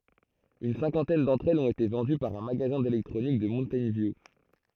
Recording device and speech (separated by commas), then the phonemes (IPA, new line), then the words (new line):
throat microphone, read sentence
yn sɛ̃kɑ̃tɛn dɑ̃tʁ ɛlz ɔ̃t ete vɑ̃dy paʁ œ̃ maɡazɛ̃ delɛktʁonik də muntɛjn vju
Une cinquantaine d'entre elles ont été vendues par un magasin d'électronique de Mountain View.